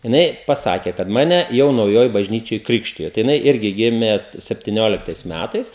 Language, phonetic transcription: Lithuanian, jiˈnai paˈsakė kad ˈmane ˈjau nauˈjoj bažˈnyčioj ˈkrikštijo tai jiˈnai ˈirgi ˈgimė septiˈnioliktais ˈmætais

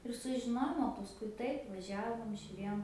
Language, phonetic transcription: Lithuanian, ir sužiˈnojom o pasˈkui ˈtaip vaˈžiavom žiuˈrėjom

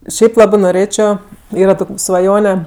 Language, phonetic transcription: Lithuanian, ˈšiaip ˈlabɜ noˈrėčio ˈyra ˈtok' svaˈjone

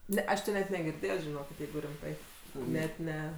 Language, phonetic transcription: Lithuanian, ˈne ˈaš ti net negirˈdėjo žiˈnokit ˈjeigu rimˈtai ˈnet ˈne

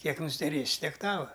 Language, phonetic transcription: Lithuanian, ˈkiek nusideˈrėsi ˈtiek ˈtava

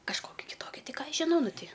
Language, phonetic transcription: Lithuanian, kažˈkoki kiˈtoki ˈti ˈką ˈaš žiˈnau ˈnu ˈti

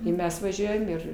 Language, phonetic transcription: Lithuanian, i ˈmes vaˈžiuojam ˈir

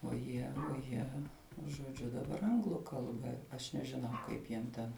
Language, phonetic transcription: Lithuanian, o ˈjie o ˈjie žoˈdžiu daˈbar ˈanglu ˈkalba aš nežiˈnau ˈkaip jiem ˈten

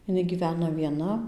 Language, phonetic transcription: Lithuanian, iˈnai gyˈvena vieˈna

